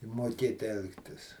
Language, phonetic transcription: Lithuanian, moˈkėt ˈelgtis

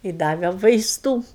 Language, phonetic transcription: Lithuanian, ˈji ˈdave vaisˈtų

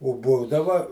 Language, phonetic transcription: Lithuanian, o ˈbūdava

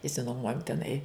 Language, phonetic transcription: Lithuanian, išsinuoˈmuojom teˈnai

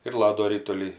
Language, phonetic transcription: Lithuanian, ir ˈlado ˈritulį

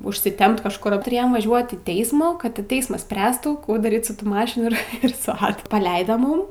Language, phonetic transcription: Lithuanian, užsiˈtemp kažˈkur tuˈrėjom vaˈžiuot į ˈteismų kad ti ˈteismas ˈspręstų ˈkų daˈryt su ˈtų ˈmašinų ir ir su ˈadu paˈleido ˈmūm

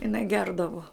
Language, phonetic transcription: Lithuanian, iˈnai ˈgerdavu

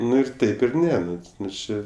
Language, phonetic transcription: Lithuanian, ˈnu ir ˈtaip ir ˈne ˈnu ˈnu ˈčė

